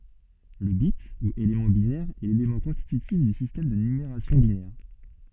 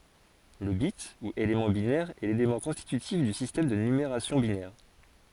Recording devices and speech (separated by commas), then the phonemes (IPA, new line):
soft in-ear microphone, forehead accelerometer, read sentence
lə bit u elemɑ̃ binɛʁ ɛ lelemɑ̃ kɔ̃stitytif dy sistɛm də nymeʁasjɔ̃ binɛʁ